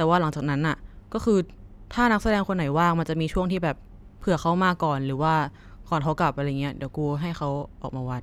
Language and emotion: Thai, neutral